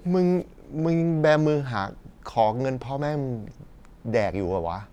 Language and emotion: Thai, frustrated